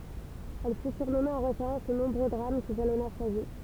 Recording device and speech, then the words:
temple vibration pickup, read sentence
Elle fut surnommée en référence aux nombreux drames qui jalonnèrent sa vie.

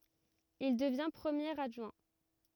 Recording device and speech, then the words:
rigid in-ear microphone, read sentence
Il devient premier adjoint.

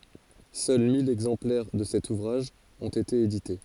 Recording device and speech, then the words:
forehead accelerometer, read sentence
Seuls mille exemplaires de cet ouvrage ont été édités.

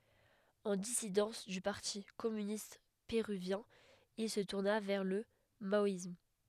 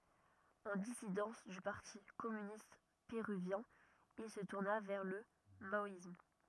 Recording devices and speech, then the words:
headset microphone, rigid in-ear microphone, read sentence
En dissidence du parti communiste péruvien, il se tourna vers le maoïsme.

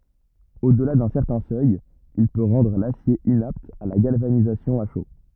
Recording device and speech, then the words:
rigid in-ear microphone, read sentence
Au-delà d'un certain seuil, il peut rendre l’acier inapte à la galvanisation à chaud.

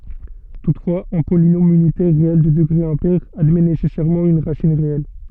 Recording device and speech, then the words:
soft in-ear microphone, read sentence
Toutefois, un polynôme unitaire réel de degré impair admet nécessairement une racine réelle.

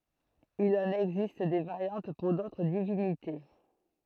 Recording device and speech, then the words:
throat microphone, read sentence
Il en existe des variantes pour d'autres divinités.

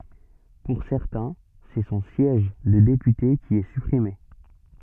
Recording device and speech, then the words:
soft in-ear microphone, read sentence
Pour certains, c'est son siège de député qui est supprimé.

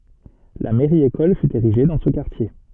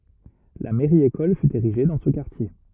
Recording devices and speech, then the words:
soft in-ear microphone, rigid in-ear microphone, read sentence
La mairie-école fut érigée dans ce quartier.

